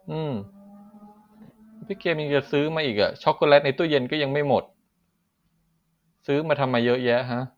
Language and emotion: Thai, frustrated